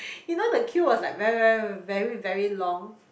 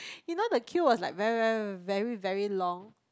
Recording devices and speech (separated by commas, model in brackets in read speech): boundary microphone, close-talking microphone, conversation in the same room